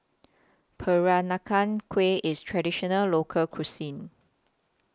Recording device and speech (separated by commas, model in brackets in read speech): close-talking microphone (WH20), read sentence